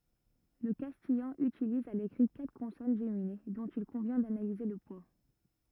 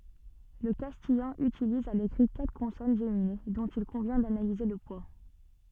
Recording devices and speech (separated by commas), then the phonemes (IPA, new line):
rigid in-ear microphone, soft in-ear microphone, read sentence
lə kastijɑ̃ ytiliz a lekʁi katʁ kɔ̃sɔn ʒemine dɔ̃t il kɔ̃vjɛ̃ danalize lə pwa